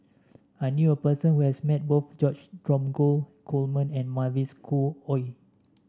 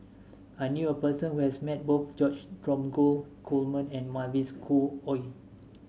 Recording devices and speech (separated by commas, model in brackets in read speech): standing microphone (AKG C214), mobile phone (Samsung S8), read sentence